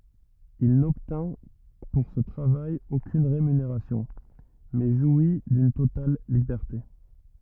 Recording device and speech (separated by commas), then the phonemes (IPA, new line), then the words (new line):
rigid in-ear microphone, read sentence
il nɔbtɛ̃ puʁ sə tʁavaj okyn ʁemyneʁasjɔ̃ mɛ ʒwi dyn total libɛʁte
Il n'obtint pour ce travail aucune rémunération, mais jouit d'une totale liberté.